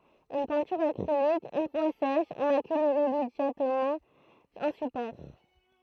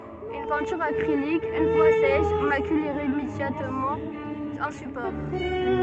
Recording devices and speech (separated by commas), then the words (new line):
throat microphone, soft in-ear microphone, read sentence
Une peinture acrylique, une fois sèche, macule irrémédiablement un support.